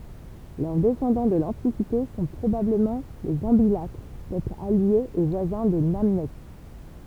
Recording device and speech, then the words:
temple vibration pickup, read sentence
Leurs descendants de l'Antiquité sont probablement les Ambilatres, peuple allié et voisin des Namnètes.

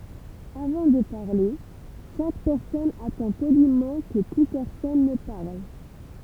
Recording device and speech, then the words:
temple vibration pickup, read sentence
Avant de parler, chaque personne attend poliment que plus personne ne parle.

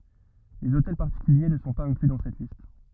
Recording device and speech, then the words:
rigid in-ear microphone, read sentence
Les hôtels particuliers ne sont pas inclus dans cette liste.

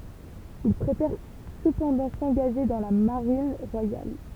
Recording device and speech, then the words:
temple vibration pickup, read sentence
Il préfère cependant s'engager dans la Marine royale.

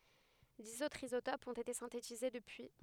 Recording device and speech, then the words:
headset microphone, read sentence
Dix autres isotopes ont été synthétisés depuis.

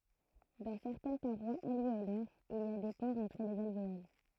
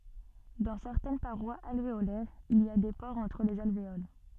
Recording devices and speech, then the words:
throat microphone, soft in-ear microphone, read sentence
Dans certaines parois alvéolaires il y a des pores entre les alvéoles.

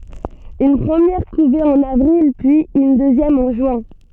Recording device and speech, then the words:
soft in-ear microphone, read sentence
Une première couvée en avril puis une deuxième en juin.

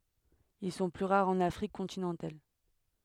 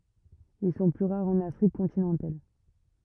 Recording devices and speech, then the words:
headset microphone, rigid in-ear microphone, read sentence
Ils sont plus rares en Afrique continentale.

